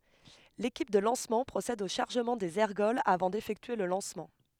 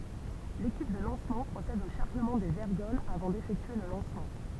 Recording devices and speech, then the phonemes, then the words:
headset microphone, temple vibration pickup, read sentence
lekip də lɑ̃smɑ̃ pʁosɛd o ʃaʁʒəmɑ̃ dez ɛʁɡɔlz avɑ̃ defɛktye lə lɑ̃smɑ̃
L'équipe de lancement procède au chargement des ergols avant d'effectuer le lancement.

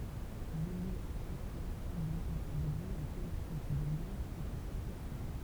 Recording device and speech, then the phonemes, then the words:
temple vibration pickup, read sentence
lely a ɛ̃si ʁasɑ̃ble otuʁ də lyi œ̃ kɔlɛktif də mɛʁ kɔ̃tʁ sɛt ʁefɔʁm
L'élu a ainsi rassemblé autour de lui un collectif de maires contre cette réforme.

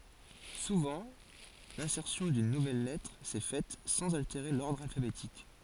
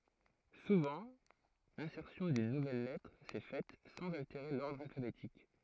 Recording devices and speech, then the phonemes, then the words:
forehead accelerometer, throat microphone, read sentence
suvɑ̃ lɛ̃sɛʁsjɔ̃ dyn nuvɛl lɛtʁ sɛ fɛt sɑ̃z alteʁe lɔʁdʁ alfabetik
Souvent, l'insertion d'une nouvelle lettre s'est faite sans altérer l'ordre alphabétique.

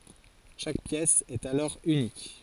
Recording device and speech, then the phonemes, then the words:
forehead accelerometer, read sentence
ʃak pjɛs ɛt alɔʁ ynik
Chaque pièce est alors unique.

